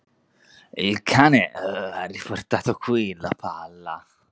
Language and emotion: Italian, disgusted